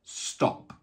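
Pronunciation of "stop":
'Stop' is said in a British English pronunciation, with the short o sound.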